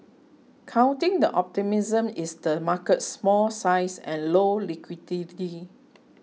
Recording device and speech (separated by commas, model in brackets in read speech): mobile phone (iPhone 6), read sentence